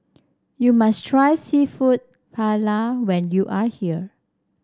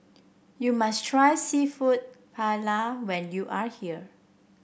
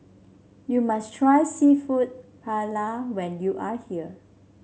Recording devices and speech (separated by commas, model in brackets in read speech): standing microphone (AKG C214), boundary microphone (BM630), mobile phone (Samsung C7), read sentence